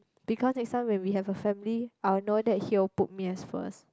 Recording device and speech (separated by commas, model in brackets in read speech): close-talking microphone, conversation in the same room